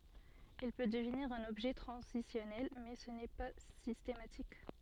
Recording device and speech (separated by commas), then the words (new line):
soft in-ear microphone, read sentence
Il peut devenir un objet transitionnel mais ce n'est pas systématique.